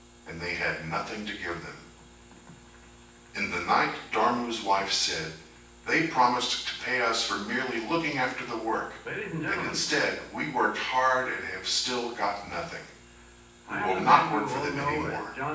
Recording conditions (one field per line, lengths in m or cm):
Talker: one person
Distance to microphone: 9.8 m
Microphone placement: far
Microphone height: 1.8 m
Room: large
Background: television